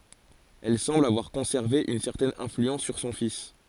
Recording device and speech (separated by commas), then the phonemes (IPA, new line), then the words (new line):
forehead accelerometer, read sentence
ɛl sɑ̃bl avwaʁ kɔ̃sɛʁve yn sɛʁtɛn ɛ̃flyɑ̃s syʁ sɔ̃ fis
Elle semble avoir conservé une certaine influence sur son fils.